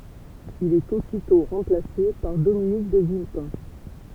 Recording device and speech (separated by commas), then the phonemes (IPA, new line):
temple vibration pickup, read sentence
il ɛt ositɔ̃ ʁɑ̃plase paʁ dominik də vilpɛ̃